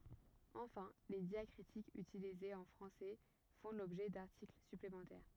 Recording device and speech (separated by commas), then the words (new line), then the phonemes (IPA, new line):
rigid in-ear microphone, read sentence
Enfin, les diacritiques utilisés en français font l'objet d'articles supplémentaires.
ɑ̃fɛ̃ le djakʁitikz ytilizez ɑ̃ fʁɑ̃sɛ fɔ̃ lɔbʒɛ daʁtikl syplemɑ̃tɛʁ